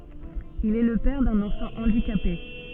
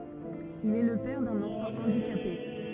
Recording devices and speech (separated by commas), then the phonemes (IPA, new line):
soft in-ear microphone, rigid in-ear microphone, read sentence
il ɛ lə pɛʁ dœ̃n ɑ̃fɑ̃ ɑ̃dikape